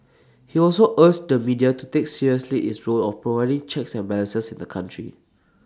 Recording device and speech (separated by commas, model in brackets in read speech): standing microphone (AKG C214), read sentence